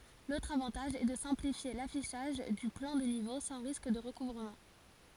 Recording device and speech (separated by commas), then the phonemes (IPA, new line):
forehead accelerometer, read sentence
lotʁ avɑ̃taʒ ɛ də sɛ̃plifje lafiʃaʒ dy plɑ̃ de nivo sɑ̃ ʁisk də ʁəkuvʁəmɑ̃